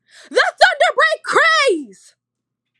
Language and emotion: English, happy